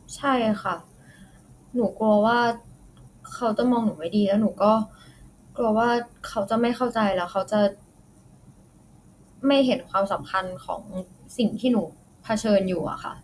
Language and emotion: Thai, sad